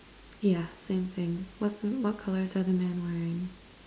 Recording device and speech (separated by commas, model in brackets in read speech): standing microphone, conversation in separate rooms